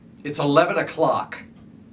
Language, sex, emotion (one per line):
English
male
disgusted